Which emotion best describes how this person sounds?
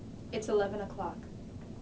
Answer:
neutral